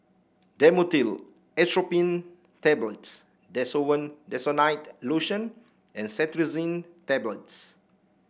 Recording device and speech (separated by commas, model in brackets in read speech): boundary microphone (BM630), read sentence